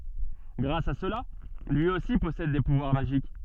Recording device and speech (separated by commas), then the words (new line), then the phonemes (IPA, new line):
soft in-ear microphone, read sentence
Grâce à cela, lui aussi possède des pouvoirs magiques.
ɡʁas a səla lyi osi pɔsɛd de puvwaʁ maʒik